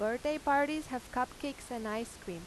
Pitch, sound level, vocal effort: 250 Hz, 89 dB SPL, loud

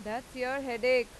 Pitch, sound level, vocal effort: 250 Hz, 97 dB SPL, loud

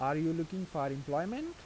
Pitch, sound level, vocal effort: 160 Hz, 87 dB SPL, normal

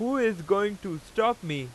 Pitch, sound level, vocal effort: 200 Hz, 96 dB SPL, very loud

